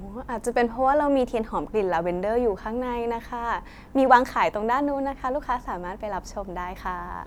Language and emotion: Thai, happy